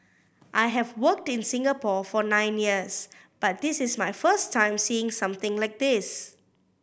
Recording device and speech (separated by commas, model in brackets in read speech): boundary microphone (BM630), read sentence